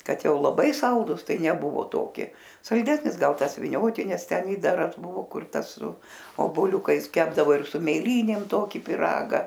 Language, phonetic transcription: Lithuanian, ˈkad ˈjau laˈbai ˈsaldus ˈtai neˈbuvo ˈtoki salˈdesnis ˈgal ˈtas viˈniotinis ˈten ˈidaras ˈbuvo ˈkur ˈtas su oboˈliukais ˈkepdavo ir su mėˈlynėm ˈtoki piˈraga

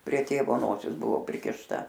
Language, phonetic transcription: Lithuanian, prie ˈtėvo ˈnosis ˈbuvo prikišˈta

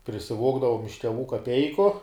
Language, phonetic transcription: Lithuanian, prisiˈvogdavom iš teˈvų kaˈpeiku

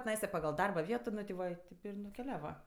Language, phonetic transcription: Lithuanian, tiˈnaisa paˈgal ˈdarba ˈvieto ˈnu ti ˈva ˈtip ir nukeˈliava

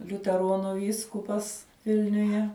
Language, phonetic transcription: Lithuanian, liuteˈronu ˈvyskupas ˈvilniuje

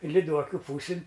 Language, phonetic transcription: Lithuanian, liˈduokiu ˈpūsin

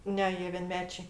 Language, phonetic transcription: Lithuanian, ˈne ˈjie vienˈmečiai

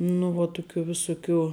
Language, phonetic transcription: Lithuanian, nu ˈvuo ˈtuˌkių viˈsuˌkių

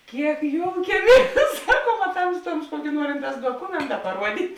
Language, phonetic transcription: Lithuanian, ˈkiek ˈjoukieˌmies ˈsaˌkuom a ˈtamstuoms ˈkuoki ˈnuorinˌtās duoˈkumenta paˈruodyt'

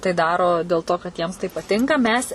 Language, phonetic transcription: Lithuanian, tai ˈdaro del ˈto kad ˈjiems tai paˈtinka ˈmes

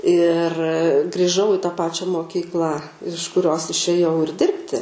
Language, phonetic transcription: Lithuanian, ir griˈžau i tą ˈpačia moˈkyklą iš kuˈrios išėˈjau ir ˈdirbti

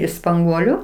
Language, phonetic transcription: Lithuanian, iš spanˈguoliu

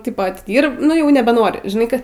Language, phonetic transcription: Lithuanian, tip atiˈdyrb ˈnu jau nebeˈnori žiˈnai ˈka

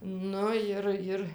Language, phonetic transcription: Lithuanian, ˈnu ir ˈir

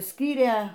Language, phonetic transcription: Lithuanian, ˈskyrė

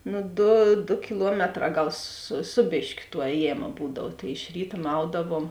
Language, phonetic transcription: Lithuanian, ˈnu ˈdu du kiˈluometˌrā ˈgal su ˈsu bėškiu tuo ˈējėma ˈbūdav tai iš ˈryta ˈmaudavom

